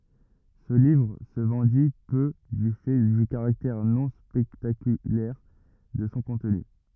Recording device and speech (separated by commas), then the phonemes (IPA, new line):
rigid in-ear microphone, read sentence
sə livʁ sə vɑ̃di pø dy fɛ dy kaʁaktɛʁ nɔ̃ spɛktakylɛʁ də sɔ̃ kɔ̃tny